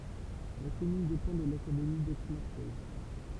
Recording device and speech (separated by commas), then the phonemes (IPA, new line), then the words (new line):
temple vibration pickup, read sentence
la kɔmyn depɑ̃ də lakademi dɛksmaʁsɛj
La commune dépend de l'académie d'Aix-Marseille.